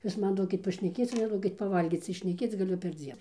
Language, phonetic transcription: Lithuanian, ˈjūs ˈman ˈduokit pašneˈkėc o neˈduokit paˈvalgyc tai šneˈkėc gaˈliu perˈdzien

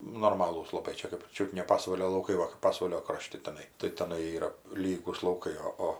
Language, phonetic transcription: Lithuanian, nu norˈmalūs laˈbai ˈčia kɜp ˈčiut ne ˈpasvalio lauˈkai ˈva kɜp ˈpasvalio ˈkrošti teˈnai tai teˈnai ˈyra ˈlygūs lauˈkai o ˈo

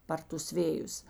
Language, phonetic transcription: Lithuanian, ˈpar tus ˈvėjus

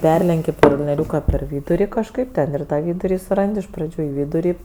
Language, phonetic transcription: Lithuanian, ˈperlenki kalnieˈriūka per ˈvyduri kažˈkaip ˈten ir ˈtą ˈvyduri suˈrandi iš praˈdžių i ˈvyduri

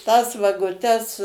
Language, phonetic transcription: Lithuanian, tas vaguˈtes

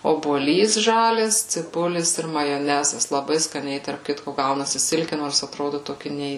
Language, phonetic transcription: Lithuanian, obuoˈlys ˈžalias ciˈbulis ir majoˈnezas laˈbai skaˈniai tarp ˈkitko ˈgaunasi ˈsilki ˈnors aˈtrodu toˈki ˈnei

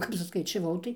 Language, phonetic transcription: Lithuanian, ˈkap suskaičiaˈvau tai

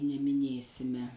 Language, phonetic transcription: Lithuanian, nemiˈnėsime

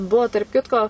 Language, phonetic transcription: Lithuanian, ˈbuo tarp ˈkitko

